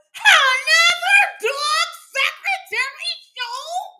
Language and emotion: English, surprised